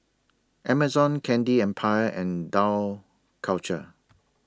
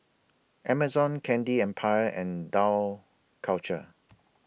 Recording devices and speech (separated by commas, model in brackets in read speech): standing microphone (AKG C214), boundary microphone (BM630), read sentence